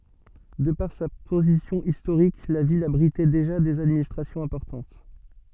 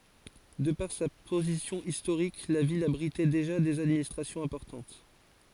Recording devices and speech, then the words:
soft in-ear microphone, forehead accelerometer, read sentence
De par sa position historique, la ville abritait déjà des administrations importantes.

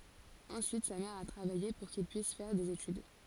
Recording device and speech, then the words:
forehead accelerometer, read sentence
Ensuite, sa mère a travaillé pour qu'il puisse faire des études.

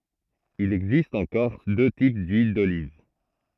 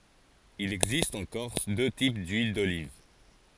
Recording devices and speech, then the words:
throat microphone, forehead accelerometer, read sentence
Il existe en Corse deux types d'huiles d'olive.

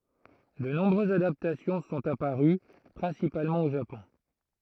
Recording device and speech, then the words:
throat microphone, read sentence
De nombreuses adaptations sont apparues, principalement au Japon.

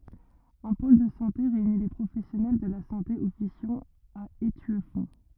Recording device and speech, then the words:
rigid in-ear microphone, read sentence
Un pôle de santé réunit les professionnels de la santé officiant à Étueffont.

